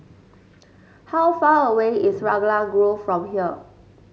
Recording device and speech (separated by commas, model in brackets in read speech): mobile phone (Samsung S8), read sentence